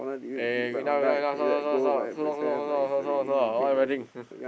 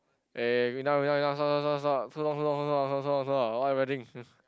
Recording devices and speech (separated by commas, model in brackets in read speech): boundary microphone, close-talking microphone, conversation in the same room